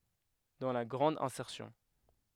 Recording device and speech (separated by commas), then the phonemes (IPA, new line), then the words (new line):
headset microphone, read sentence
dɑ̃ la ɡʁɑ̃d ɛ̃sɛʁsjɔ̃
Dans la grande insertion.